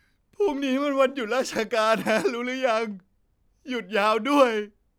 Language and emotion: Thai, sad